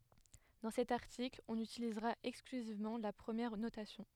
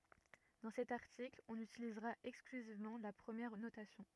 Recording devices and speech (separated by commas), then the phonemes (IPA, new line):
headset microphone, rigid in-ear microphone, read sentence
dɑ̃ sɛt aʁtikl ɔ̃n ytilizʁa ɛksklyzivmɑ̃ la pʁəmjɛʁ notasjɔ̃